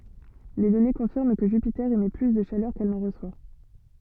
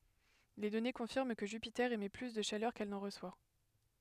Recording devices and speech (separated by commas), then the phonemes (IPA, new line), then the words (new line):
soft in-ear microphone, headset microphone, read sentence
le dɔne kɔ̃fiʁm kə ʒypite emɛ ply də ʃalœʁ kɛl nɑ̃ ʁəswa
Les données confirment que Jupiter émet plus de chaleur qu'elle n'en reçoit.